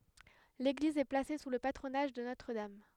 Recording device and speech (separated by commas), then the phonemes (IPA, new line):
headset microphone, read sentence
leɡliz ɛ plase su lə patʁonaʒ də notʁ dam